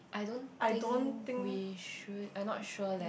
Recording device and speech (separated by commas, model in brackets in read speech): boundary microphone, conversation in the same room